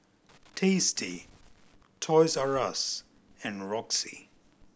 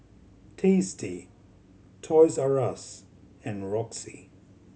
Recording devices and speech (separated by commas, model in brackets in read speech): boundary microphone (BM630), mobile phone (Samsung C7100), read sentence